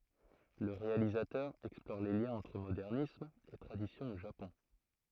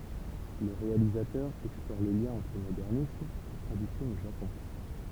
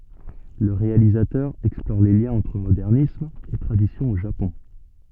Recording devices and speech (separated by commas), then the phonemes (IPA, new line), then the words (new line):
throat microphone, temple vibration pickup, soft in-ear microphone, read sentence
lə ʁealizatœʁ ɛksplɔʁ le ljɛ̃z ɑ̃tʁ modɛʁnism e tʁadisjɔ̃ o ʒapɔ̃
Le réalisateur explore les liens entre modernisme et tradition au Japon.